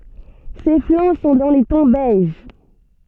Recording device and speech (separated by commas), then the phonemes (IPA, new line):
soft in-ear microphone, read sentence
se flɑ̃ sɔ̃ dɑ̃ le tɔ̃ bɛʒ